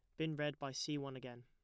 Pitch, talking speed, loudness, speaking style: 140 Hz, 295 wpm, -43 LUFS, plain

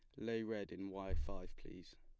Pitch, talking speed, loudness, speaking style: 95 Hz, 200 wpm, -46 LUFS, plain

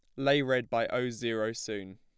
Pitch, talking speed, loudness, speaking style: 120 Hz, 205 wpm, -31 LUFS, plain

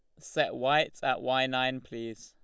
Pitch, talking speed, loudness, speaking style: 130 Hz, 175 wpm, -29 LUFS, Lombard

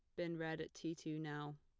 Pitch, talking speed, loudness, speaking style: 160 Hz, 260 wpm, -46 LUFS, plain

